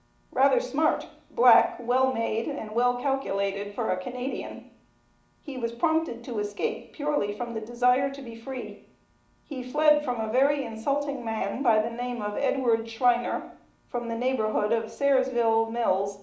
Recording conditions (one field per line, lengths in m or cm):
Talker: one person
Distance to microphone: 2.0 m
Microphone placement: close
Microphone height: 99 cm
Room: medium-sized (5.7 m by 4.0 m)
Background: none